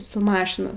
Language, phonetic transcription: Lithuanian, su ˈmašina

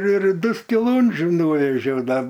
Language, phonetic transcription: Lithuanian, ir ˈdu skiˈlūndžiu ˈnūvėžiau ˈda

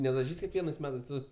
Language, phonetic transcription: Lithuanian, nedaˈžys' kekˈvienais ˈmetais ˈtos

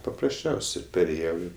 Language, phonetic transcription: Lithuanian, paprasˈčiausi perėˈjau ˈi

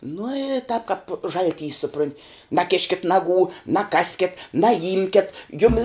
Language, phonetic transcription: Lithuanian, nu i tap kap ˈžalˌtys suˈprunt' naˈkiškit' ˈnaˌgų naˈkaskit naˈjimket ˈjumi

